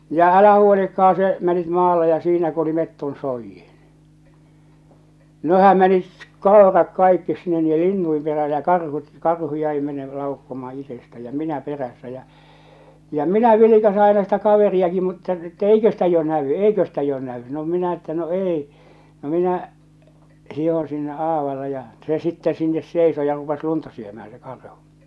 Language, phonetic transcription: Finnish, ja , 'älähä 'huolikka₍an̬ se , 'menit 'maalle ja 'siinä ku oli 'metton 'soijjiɴ , 'nehäm 'menit , "koerat "kaikkis 'sinne niijje "linnuim 'perää ja "karhut , 'karhu jäi mene- 'laukkomaa 'itestä ja "minä 'perässä jä , ja "minä vilikase aina sitä 'kaveri₍aki mutta , että "eikö ‿stä jo 'nävy "eikö ‿stä jo 'nä₍y , no minä että no "èi , no 'minä , hihoo̰ sinne '’aavale ja , se 'sittɛ 'sinnes 'sèiso ja rupes "lunta syömää se 'karhᴜ .
- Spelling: ja älähän huolikaan se meni maalle ja siinä kun oli metson soidin nehän meni koirat kaikki sinne niiden lintujen perään ja karhut karhu jäi - laukkaamaan itsestään ja minä perässä ja ja minä vilkaisen aina sitä kaveriakin mutta että eikö sitä jo näy eikö sitä jo näy no minä että no ei no minä hiihdin sinne aavalle ja se sitten sinne seisoi ja rupesi lunta syömään se karhu

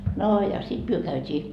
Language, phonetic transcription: Finnish, noo ja 'sit myö käyt́ii ,.
- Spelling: no ja sitten me käytiin

